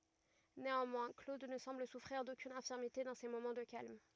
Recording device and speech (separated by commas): rigid in-ear microphone, read sentence